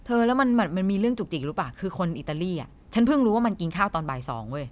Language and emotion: Thai, frustrated